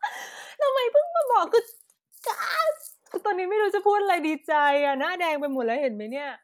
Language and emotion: Thai, happy